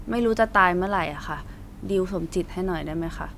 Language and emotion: Thai, frustrated